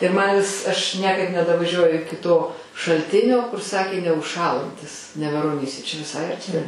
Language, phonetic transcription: Lithuanian, ir man vis ašˈ niekaip nedavaˈžiuoju ˈiki to šalˈtinio kur ˈsakė neužˈšąlantis neveroˈnyse čia viˈsai arˈti

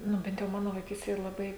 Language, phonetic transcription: Lithuanian, ˈnu ˈbent jau ˈmano vaiˈkystėj ir laˈbai

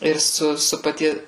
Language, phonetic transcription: Lithuanian, ir ˈsu ˈsu paˈtie

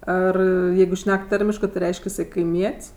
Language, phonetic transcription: Lithuanian, ˈar ˈjeigu ˈšnek ˈtarimiškɜ ti ˈreišk' iˈsai kaiˈmiet's'

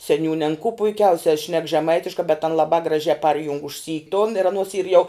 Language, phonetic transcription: Lithuanian, seˈniūn' an ko puiˈkiausia šnek žeˈmaitiškā bet an laˈbā graˈžiā ˈparjung užˈsy tun ir aˈnos yr ˈjau

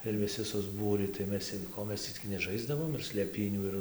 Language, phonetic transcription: Lithuanian, ir viˈsi susˈbūrį tai ˈmes ˈko ˈmes tį cik neˈžaisdavom ir slėˈpynių ir

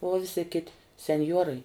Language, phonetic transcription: Lithuanian, uo ˈvisi ˈkiti senˈjuorai

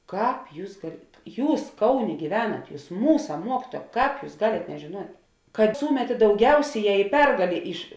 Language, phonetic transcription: Lithuanian, ˈkāp ˈjūs gal ˈjūs ˈkauˌnė gyˈvenat ˈjūs ˈmūsa ˈmuokituoja ˈkāp ˈjūs ˈgalėt nežėˈnuot' kad ˈsūmetė dauˈgiausėˌjē i ˈpergalė iš

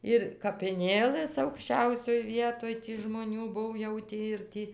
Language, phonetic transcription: Lithuanian, ir kapiˈnėlɘs aukšˈčiausioj ˈvietoj ti žmoˈnių ˈbuv jau ˈtį ir ˈtį

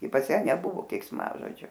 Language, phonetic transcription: Lithuanian, i pas ˈją neˈbuvo keiksˈmažodžiu

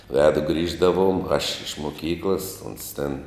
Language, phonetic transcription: Lithuanian, ˈvedu ˈgrįždavum aš iš muˈkyklas uns ten

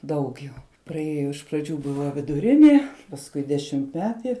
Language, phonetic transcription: Lithuanian, ˈdaug jau praˈėjo iš praˈdžių ˈbuva viduˈrinė pasˈkui dešimtˈmeti

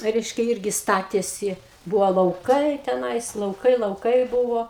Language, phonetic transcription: Lithuanian, ˈreiškia ˈirgi ˈstatėsi ˈbuvo lauˈkai teˈnais lauˈkai lauˈkai ˈbūvo

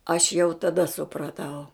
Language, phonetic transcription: Lithuanian, aš jau taˈda supraˈtau

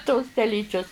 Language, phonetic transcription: Lithuanian, tos teˈlyčius

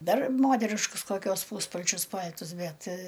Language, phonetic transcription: Lithuanian, ˈdar ˈmoteriškus koˈkiuos ˈpūspalčius ˈpal'tus ˈbet

